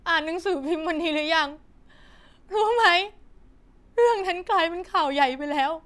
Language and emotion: Thai, sad